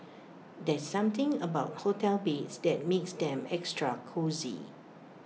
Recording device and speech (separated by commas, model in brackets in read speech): mobile phone (iPhone 6), read sentence